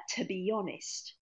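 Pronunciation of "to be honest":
In 'to be honest', the words link together, and a y sound is heard between 'be' and 'honest'.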